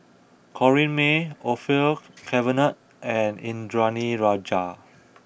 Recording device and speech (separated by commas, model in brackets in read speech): boundary microphone (BM630), read sentence